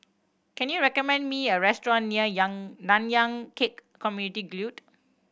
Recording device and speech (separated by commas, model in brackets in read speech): boundary microphone (BM630), read sentence